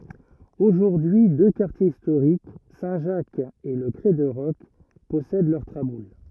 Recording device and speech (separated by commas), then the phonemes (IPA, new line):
rigid in-ear microphone, read sentence
oʒuʁdyi dø kaʁtjez istoʁik sɛ̃ ʒak e lə kʁɛ də ʁɔk pɔsɛd lœʁ tʁabul